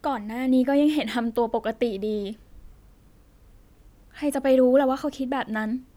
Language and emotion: Thai, sad